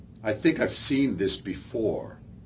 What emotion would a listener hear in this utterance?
disgusted